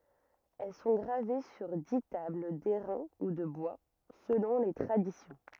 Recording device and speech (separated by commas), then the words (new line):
rigid in-ear microphone, read sentence
Elles sont gravées sur dix tables d'airain ou de bois, selon les traditions.